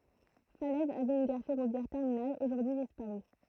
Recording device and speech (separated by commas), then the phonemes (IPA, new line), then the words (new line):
throat microphone, read sentence
falɛz avɛt yn ɡaʁ fɛʁovjɛʁ tɛʁminal oʒuʁdyi dispaʁy
Falaise avait une gare ferroviaire terminale, aujourd'hui disparue.